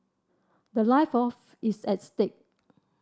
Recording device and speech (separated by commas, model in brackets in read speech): standing microphone (AKG C214), read sentence